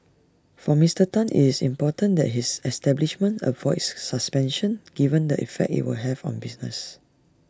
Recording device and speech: standing microphone (AKG C214), read sentence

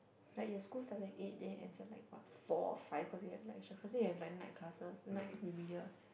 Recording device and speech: boundary microphone, conversation in the same room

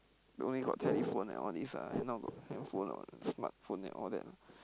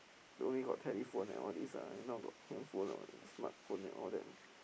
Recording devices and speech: close-talking microphone, boundary microphone, conversation in the same room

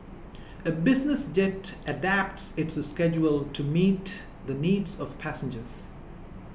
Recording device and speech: boundary microphone (BM630), read sentence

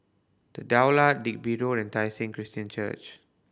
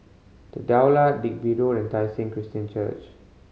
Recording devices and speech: boundary microphone (BM630), mobile phone (Samsung C5010), read sentence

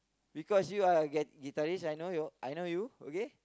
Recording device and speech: close-talking microphone, conversation in the same room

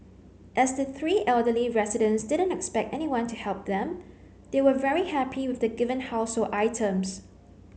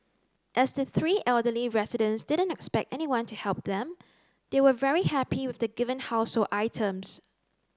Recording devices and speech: mobile phone (Samsung C9), close-talking microphone (WH30), read sentence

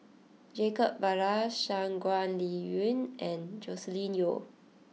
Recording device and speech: mobile phone (iPhone 6), read sentence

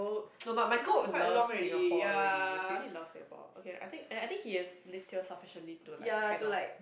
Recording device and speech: boundary microphone, conversation in the same room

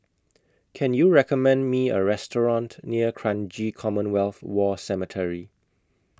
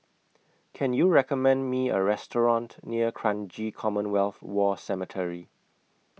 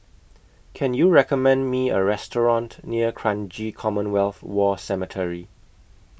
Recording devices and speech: close-talking microphone (WH20), mobile phone (iPhone 6), boundary microphone (BM630), read sentence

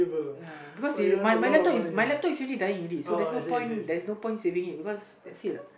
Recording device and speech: boundary microphone, conversation in the same room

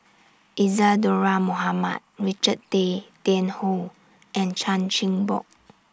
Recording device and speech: standing microphone (AKG C214), read sentence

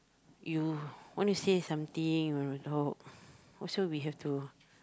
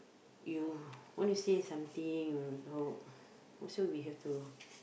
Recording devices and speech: close-talking microphone, boundary microphone, conversation in the same room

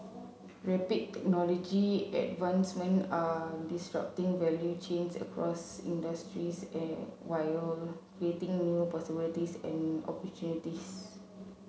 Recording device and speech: mobile phone (Samsung C7), read sentence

